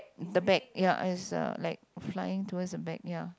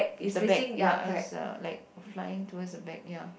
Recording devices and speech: close-talking microphone, boundary microphone, conversation in the same room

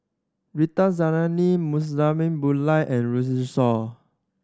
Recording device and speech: standing microphone (AKG C214), read sentence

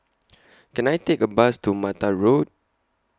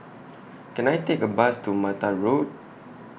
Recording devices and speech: close-talking microphone (WH20), boundary microphone (BM630), read sentence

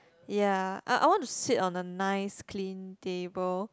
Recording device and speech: close-talking microphone, conversation in the same room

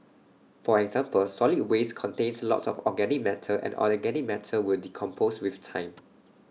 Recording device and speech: mobile phone (iPhone 6), read sentence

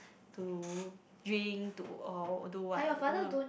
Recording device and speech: boundary microphone, conversation in the same room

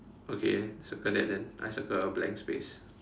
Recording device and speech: standing microphone, conversation in separate rooms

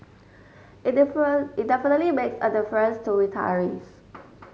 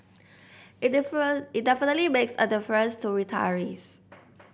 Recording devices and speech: mobile phone (Samsung S8), boundary microphone (BM630), read sentence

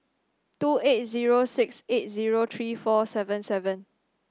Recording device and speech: standing microphone (AKG C214), read sentence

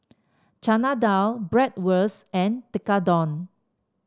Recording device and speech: standing microphone (AKG C214), read sentence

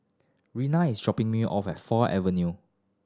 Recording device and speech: standing microphone (AKG C214), read sentence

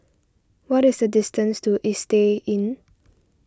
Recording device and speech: standing microphone (AKG C214), read sentence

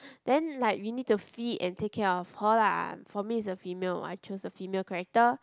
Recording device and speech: close-talking microphone, conversation in the same room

